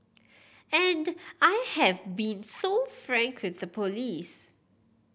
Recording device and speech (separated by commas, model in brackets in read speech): boundary microphone (BM630), read sentence